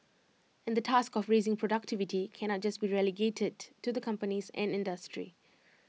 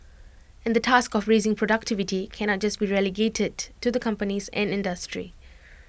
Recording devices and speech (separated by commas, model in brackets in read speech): mobile phone (iPhone 6), boundary microphone (BM630), read sentence